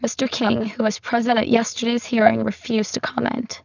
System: VC, spectral filtering